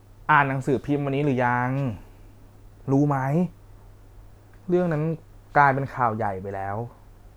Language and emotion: Thai, frustrated